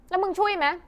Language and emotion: Thai, angry